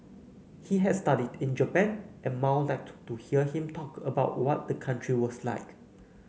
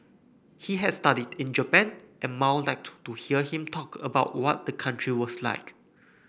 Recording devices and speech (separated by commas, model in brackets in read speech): mobile phone (Samsung C9), boundary microphone (BM630), read sentence